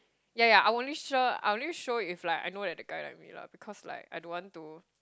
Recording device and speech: close-talking microphone, conversation in the same room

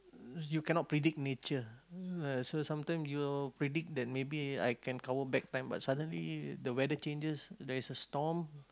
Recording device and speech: close-talking microphone, conversation in the same room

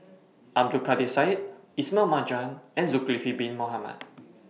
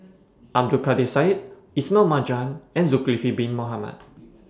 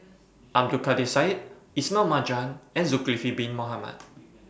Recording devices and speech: mobile phone (iPhone 6), standing microphone (AKG C214), boundary microphone (BM630), read sentence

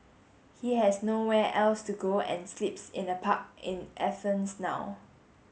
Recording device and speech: mobile phone (Samsung S8), read sentence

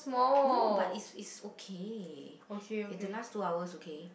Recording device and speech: boundary microphone, conversation in the same room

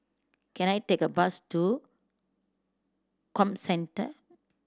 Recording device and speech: standing microphone (AKG C214), read sentence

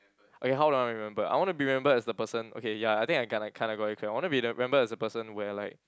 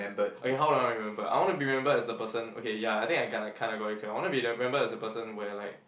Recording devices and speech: close-talking microphone, boundary microphone, conversation in the same room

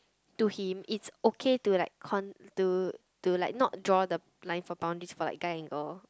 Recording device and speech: close-talking microphone, conversation in the same room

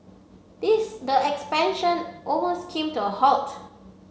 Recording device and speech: mobile phone (Samsung C7), read sentence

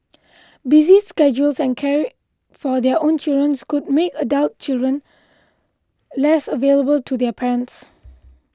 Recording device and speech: close-talking microphone (WH20), read sentence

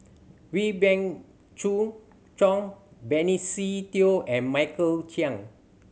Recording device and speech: mobile phone (Samsung C7100), read sentence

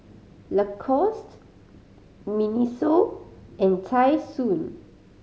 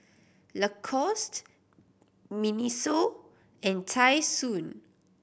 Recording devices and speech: mobile phone (Samsung C5010), boundary microphone (BM630), read sentence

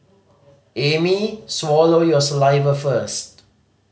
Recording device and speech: mobile phone (Samsung C5010), read sentence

